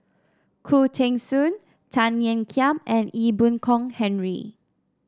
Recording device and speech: standing microphone (AKG C214), read sentence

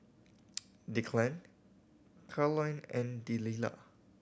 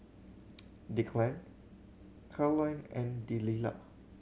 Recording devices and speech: boundary microphone (BM630), mobile phone (Samsung C7100), read sentence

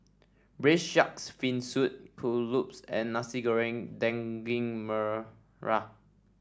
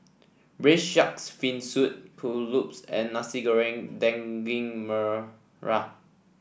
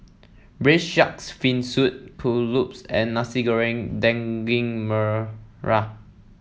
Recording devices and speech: standing microphone (AKG C214), boundary microphone (BM630), mobile phone (iPhone 7), read sentence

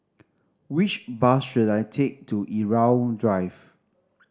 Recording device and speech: standing microphone (AKG C214), read sentence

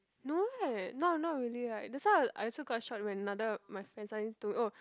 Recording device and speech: close-talking microphone, conversation in the same room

